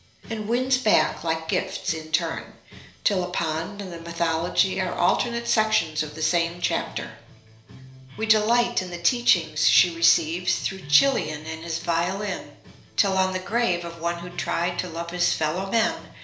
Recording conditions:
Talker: one person; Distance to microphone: 1.0 m; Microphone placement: close; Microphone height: 1.1 m; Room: small (3.7 m by 2.7 m); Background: music

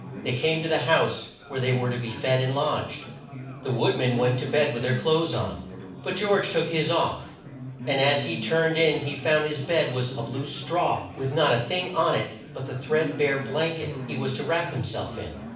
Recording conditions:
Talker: one person; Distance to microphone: 5.8 m; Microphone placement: far; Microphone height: 1.8 m; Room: medium-sized (5.7 m by 4.0 m); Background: babble

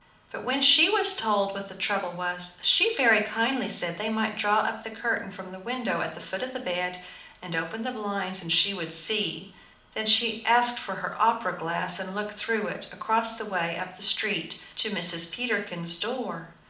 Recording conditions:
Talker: one person; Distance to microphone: 2.0 m; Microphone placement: close; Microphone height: 99 cm; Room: medium-sized (5.7 m by 4.0 m); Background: none

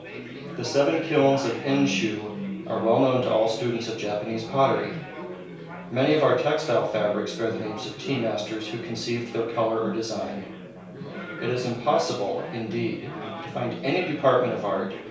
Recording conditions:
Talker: one person; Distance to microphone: 3.0 m; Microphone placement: far; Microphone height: 1.8 m; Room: small (3.7 m by 2.7 m); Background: babble

